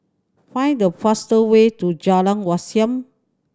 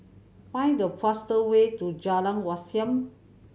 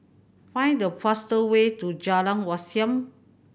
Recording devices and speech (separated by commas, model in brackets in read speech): standing microphone (AKG C214), mobile phone (Samsung C7100), boundary microphone (BM630), read sentence